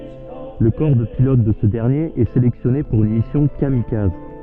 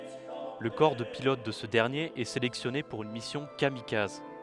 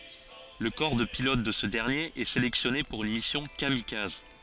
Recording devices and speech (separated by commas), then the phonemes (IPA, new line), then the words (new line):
soft in-ear microphone, headset microphone, forehead accelerometer, read sentence
lə kɔʁ də pilot də sə dɛʁnjeʁ ɛ selɛksjɔne puʁ yn misjɔ̃ kamikaz
Le corps de pilotes de ce dernier est sélectionné pour une mission kamikaze.